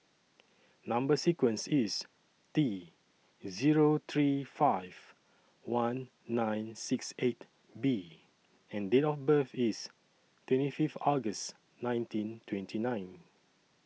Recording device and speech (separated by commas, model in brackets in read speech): mobile phone (iPhone 6), read sentence